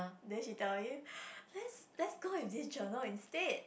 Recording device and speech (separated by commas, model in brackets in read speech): boundary microphone, conversation in the same room